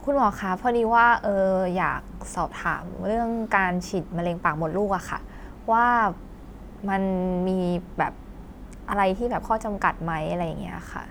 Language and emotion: Thai, neutral